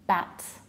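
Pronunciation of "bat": This is 'bad' said incorrectly, with final devoicing: the word ends in a t sound instead of a d, so it sounds like 'bat'.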